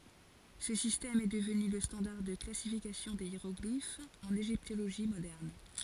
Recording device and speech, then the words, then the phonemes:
forehead accelerometer, read sentence
Ce système est devenu le standard de classification des hiéroglyphes en égyptologie moderne.
sə sistɛm ɛ dəvny lə stɑ̃daʁ də klasifikasjɔ̃ de jeʁɔɡlifz ɑ̃n eʒiptoloʒi modɛʁn

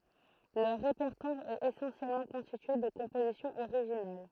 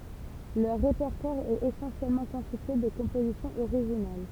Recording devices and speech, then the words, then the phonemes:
throat microphone, temple vibration pickup, read sentence
Leur répertoire est essentiellement constitué de compositions originales.
lœʁ ʁepɛʁtwaʁ ɛt esɑ̃sjɛlmɑ̃ kɔ̃stitye də kɔ̃pozisjɔ̃z oʁiʒinal

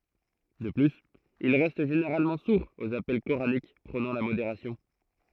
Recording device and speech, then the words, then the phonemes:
throat microphone, read sentence
De plus, ils restent généralement sourds aux appels coraniques prônant la modération.
də plyz il ʁɛst ʒeneʁalmɑ̃ suʁz oz apɛl koʁanik pʁonɑ̃ la modeʁasjɔ̃

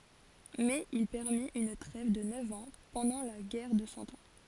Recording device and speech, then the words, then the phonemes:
forehead accelerometer, read sentence
Mais il permit une trêve de neuf ans pendant la guerre de Cent Ans.
mɛz il pɛʁmit yn tʁɛv də nœv ɑ̃ pɑ̃dɑ̃ la ɡɛʁ də sɑ̃ ɑ̃

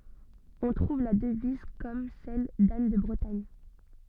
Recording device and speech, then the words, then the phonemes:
soft in-ear microphone, read sentence
On trouve la devise comme celle d’Anne de Bretagne.
ɔ̃ tʁuv la dəviz kɔm sɛl dan də bʁətaɲ

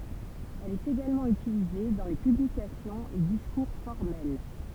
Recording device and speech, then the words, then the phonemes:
temple vibration pickup, read sentence
Elle est également utilisée dans les publications et discours formels.
ɛl ɛt eɡalmɑ̃ ytilize dɑ̃ le pyblikasjɔ̃z e diskuʁ fɔʁmɛl

